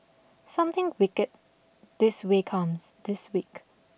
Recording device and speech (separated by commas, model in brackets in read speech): boundary microphone (BM630), read sentence